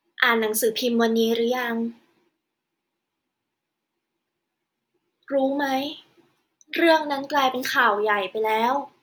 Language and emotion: Thai, sad